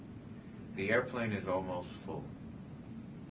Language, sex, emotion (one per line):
English
male
neutral